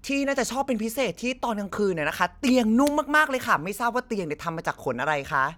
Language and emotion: Thai, happy